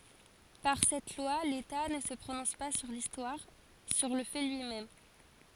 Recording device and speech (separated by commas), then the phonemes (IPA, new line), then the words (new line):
forehead accelerometer, read sentence
paʁ sɛt lwa leta nə sə pʁonɔ̃s pa syʁ listwaʁ syʁ lə fɛ lyi mɛm
Par cette loi, l’État ne se prononce pas sur l’histoire, sur le fait lui-même.